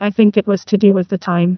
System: TTS, neural waveform model